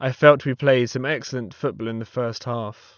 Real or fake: real